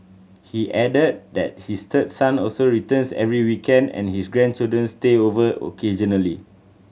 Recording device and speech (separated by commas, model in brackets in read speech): mobile phone (Samsung C7100), read sentence